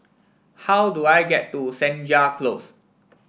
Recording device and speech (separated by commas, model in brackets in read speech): boundary microphone (BM630), read sentence